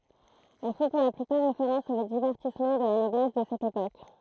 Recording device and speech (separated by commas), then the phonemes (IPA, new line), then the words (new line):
throat microphone, read sentence
ɛl fɔ̃ puʁ la plypaʁ ʁefeʁɑ̃s o divɛʁtismɑ̃ də la nɔblɛs də sɛt epok
Elles font pour la plupart référence aux divertissements de la noblesse de cette époque.